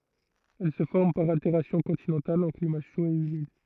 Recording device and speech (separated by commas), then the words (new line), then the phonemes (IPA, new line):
throat microphone, read sentence
Elle se forme par altération continentale en climat chaud et humide.
ɛl sə fɔʁm paʁ alteʁasjɔ̃ kɔ̃tinɑ̃tal ɑ̃ klima ʃo e ymid